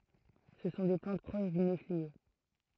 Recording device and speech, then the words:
throat microphone, read sentence
Ce sont des plantes proches du néflier.

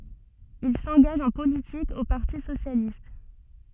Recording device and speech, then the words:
soft in-ear microphone, read sentence
Il s'engage en politique au Parti socialiste.

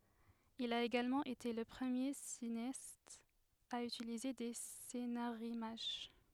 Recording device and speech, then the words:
headset microphone, read sentence
Il a également été le premier cinéaste à utiliser des scénarimages.

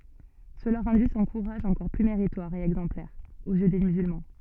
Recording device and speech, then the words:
soft in-ear microphone, read sentence
Cela rendit son courage encore plus méritoire et exemplaire, aux yeux des musulmans.

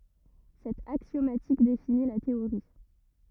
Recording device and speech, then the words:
rigid in-ear microphone, read sentence
Cette axiomatique définit la théorie.

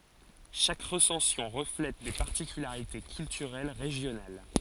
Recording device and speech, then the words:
forehead accelerometer, read sentence
Chaque recension reflète des particularités culturelles régionales.

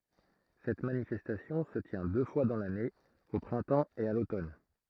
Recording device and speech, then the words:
throat microphone, read sentence
Cette manifestation se tient deux fois dans l'année, au printemps et à l'automne.

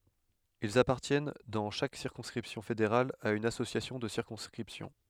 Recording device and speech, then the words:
headset microphone, read sentence
Ils appartiennent dans chaque circonscription fédérale à une association de circonscription.

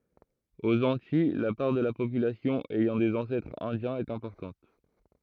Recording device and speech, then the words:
throat microphone, read sentence
Aux Antilles, la part de la population ayant des ancêtres indiens est importante.

